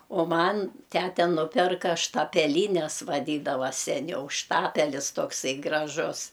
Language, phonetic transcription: Lithuanian, o ˈman ˈtæte ˈnupirka štapeˈlynes vaˈdydava seˈniau ˈštapelis tokˈsai graˈžus

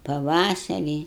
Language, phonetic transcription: Lithuanian, paˈvasarį

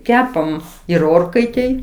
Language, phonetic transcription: Lithuanian, ˈkepam ir ˈorkaitėj

